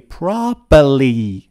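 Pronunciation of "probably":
In 'probably', the second b is dropped.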